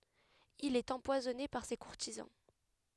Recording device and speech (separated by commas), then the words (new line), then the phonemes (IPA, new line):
headset microphone, read sentence
Il est empoisonné par ses courtisans.
il ɛt ɑ̃pwazɔne paʁ se kuʁtizɑ̃